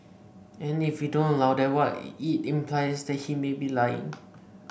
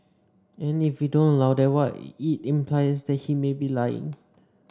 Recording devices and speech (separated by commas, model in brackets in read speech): boundary microphone (BM630), standing microphone (AKG C214), read sentence